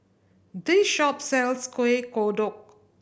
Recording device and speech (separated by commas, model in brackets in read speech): boundary microphone (BM630), read sentence